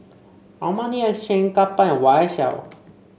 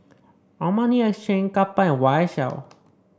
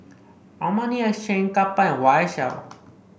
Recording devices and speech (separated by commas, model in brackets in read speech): mobile phone (Samsung C5), standing microphone (AKG C214), boundary microphone (BM630), read sentence